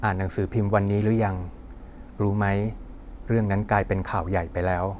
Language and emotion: Thai, neutral